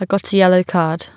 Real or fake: real